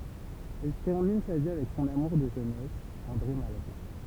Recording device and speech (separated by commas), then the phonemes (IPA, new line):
temple vibration pickup, read sentence
ɛl tɛʁmin sa vi avɛk sɔ̃n amuʁ də ʒønɛs ɑ̃dʁe malʁo